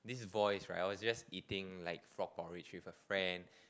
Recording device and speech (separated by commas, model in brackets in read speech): close-talking microphone, conversation in the same room